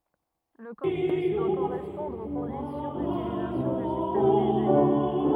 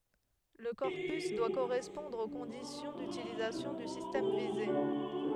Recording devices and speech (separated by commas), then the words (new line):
rigid in-ear microphone, headset microphone, read sentence
Le corpus doit correspondre aux conditions d'utilisation du système visé.